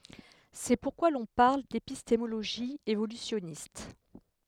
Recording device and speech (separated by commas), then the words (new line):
headset microphone, read sentence
C'est pourquoi l'on parle d'épistémologie évolutionniste.